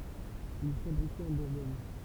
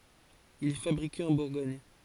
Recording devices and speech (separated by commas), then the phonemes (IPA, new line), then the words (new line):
temple vibration pickup, forehead accelerometer, read sentence
il ɛ fabʁike ɑ̃ buʁɡɔɲ
Il est fabriqué en Bourgogne.